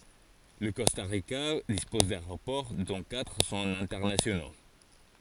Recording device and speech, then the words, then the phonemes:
forehead accelerometer, read sentence
Le Costa Rica dispose d'aéroports, dont quatre sont internationaux.
lə kɔsta ʁika dispɔz daeʁopɔʁ dɔ̃ katʁ sɔ̃t ɛ̃tɛʁnasjono

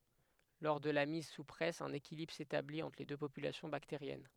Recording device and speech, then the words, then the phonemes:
headset microphone, read sentence
Lors de la mise sous presse, un équilibre s'établit entre les deux populations bactériennes.
lɔʁ də la miz su pʁɛs œ̃n ekilibʁ setablit ɑ̃tʁ le dø popylasjɔ̃ bakteʁjɛn

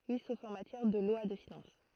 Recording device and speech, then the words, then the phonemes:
throat microphone, read sentence
Oui, sauf en matière de lois de finances.
wi sof ɑ̃ matjɛʁ də lwa də finɑ̃s

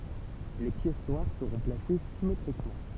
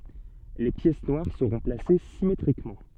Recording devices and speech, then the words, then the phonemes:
temple vibration pickup, soft in-ear microphone, read sentence
Les pièces noires seront placées symétriquement.
le pjɛs nwaʁ səʁɔ̃ plase simetʁikmɑ̃

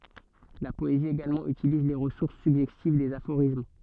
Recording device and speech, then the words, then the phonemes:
soft in-ear microphone, read sentence
La poésie également utilise les ressources suggestives des aphorismes.
la pɔezi eɡalmɑ̃ ytiliz le ʁəsuʁs syɡʒɛstiv dez afoʁism

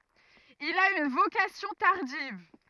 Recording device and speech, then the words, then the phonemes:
rigid in-ear microphone, read sentence
Il a une vocation tardive.
il a yn vokasjɔ̃ taʁdiv

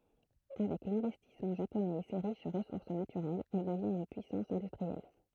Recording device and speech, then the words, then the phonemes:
throat microphone, read sentence
Avec l'investissement japonais et ses riches ressources naturelles, elle devient une puissance industrielle.
avɛk lɛ̃vɛstismɑ̃ ʒaponɛz e se ʁiʃ ʁəsuʁs natyʁɛlz ɛl dəvjɛ̃t yn pyisɑ̃s ɛ̃dystʁiɛl

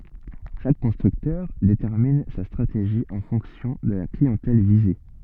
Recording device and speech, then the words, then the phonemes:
soft in-ear microphone, read sentence
Chaque constructeur détermine sa stratégie en fonction de la clientèle visée.
ʃak kɔ̃stʁyktœʁ detɛʁmin sa stʁateʒi ɑ̃ fɔ̃ksjɔ̃ də la kliɑ̃tɛl vize

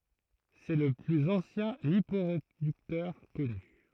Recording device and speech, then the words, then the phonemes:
throat microphone, read sentence
C'est le plus ancien liporéducteur connu.
sɛ lə plyz ɑ̃sjɛ̃ lipoʁedyktœʁ kɔny

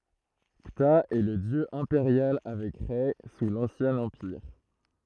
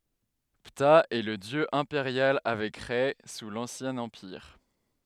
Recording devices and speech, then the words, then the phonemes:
throat microphone, headset microphone, read sentence
Ptah est le dieu impérial avec Rê sous l'Ancien Empire.
pta ɛ lə djø ɛ̃peʁjal avɛk ʁɛ su lɑ̃sjɛ̃ ɑ̃piʁ

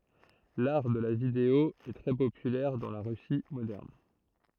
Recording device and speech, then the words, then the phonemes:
throat microphone, read sentence
L'art de la vidéo est très populaire dans la Russie moderne.
laʁ də la video ɛ tʁɛ popylɛʁ dɑ̃ la ʁysi modɛʁn

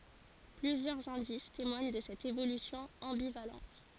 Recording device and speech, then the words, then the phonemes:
forehead accelerometer, read sentence
Plusieurs indices témoignent de cette évolution ambivalente.
plyzjœʁz ɛ̃dis temwaɲ də sɛt evolysjɔ̃ ɑ̃bivalɑ̃t

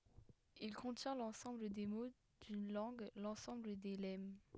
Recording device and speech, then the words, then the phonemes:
headset microphone, read sentence
Il contient l’ensemble des mots d’une langue, l’ensemble des lemmes.
il kɔ̃tjɛ̃ lɑ̃sɑ̃bl de mo dyn lɑ̃ɡ lɑ̃sɑ̃bl de lɛm

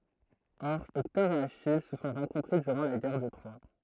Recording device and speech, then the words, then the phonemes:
throat microphone, read sentence
Or Hector et Achille se sont rencontrés durant la Guerre de Troie.
ɔʁ ɛktɔʁ e aʃij sə sɔ̃ ʁɑ̃kɔ̃tʁe dyʁɑ̃ la ɡɛʁ də tʁwa

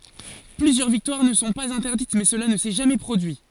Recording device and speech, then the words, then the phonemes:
forehead accelerometer, read sentence
Plusieurs victoires ne sont pas interdites mais cela ne s'est jamais produit.
plyzjœʁ viktwaʁ nə sɔ̃ paz ɛ̃tɛʁdit mɛ səla nə sɛ ʒamɛ pʁodyi

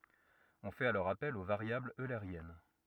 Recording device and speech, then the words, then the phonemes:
rigid in-ear microphone, read sentence
On fait alors appel aux variables eulériennes.
ɔ̃ fɛt alɔʁ apɛl o vaʁjablz øleʁjɛn

